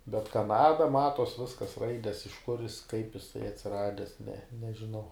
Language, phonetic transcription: Lithuanian, bet ˈkanada ˈmatos ˈviskas ˈraides iš kur jis kaip iˈsai atsiˈrades ne nežiˈnau

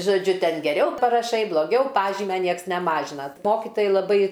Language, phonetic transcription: Lithuanian, žoˈdžiu ˈten geˈriau paraˈšai bloˈgiau ˈpažymia ˈnieks neˈmažina ˈmokitojai laˈbai

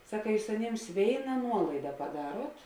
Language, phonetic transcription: Lithuanian, ˈsaka ˈjūs aˈnėms ˈvėina ˈnuolaida paˈdaruot

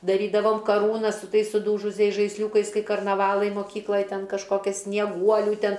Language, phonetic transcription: Lithuanian, daˈrydavom kaˈrūnas su ˈtais suˈdūžusiais žaisˈliūkais ˈkai karnaˈvalai moˈkyklaj ˈten kažˈkokias snieˈguolių ˈten

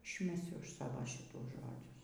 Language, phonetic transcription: Lithuanian, išmeˈsiu ˈaš ˈsavo ˈšitų ˈžodžius

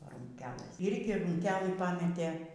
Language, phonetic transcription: Lithuanian, be rūnˈkelɘs irgi rūnˈkelɨ paˈmetė

